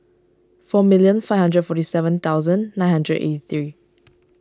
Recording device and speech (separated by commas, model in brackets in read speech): standing microphone (AKG C214), read sentence